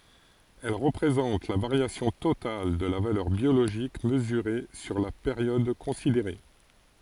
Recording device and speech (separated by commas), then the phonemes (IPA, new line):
forehead accelerometer, read sentence
ɛl ʁəpʁezɑ̃t la vaʁjasjɔ̃ total də la valœʁ bjoloʒik məzyʁe syʁ la peʁjɔd kɔ̃sideʁe